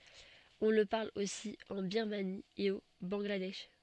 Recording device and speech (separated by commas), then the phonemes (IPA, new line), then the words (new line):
soft in-ear microphone, read sentence
ɔ̃ lə paʁl osi ɑ̃ biʁmani e o bɑ̃ɡladɛʃ
On le parle aussi en Birmanie et au Bangladesh.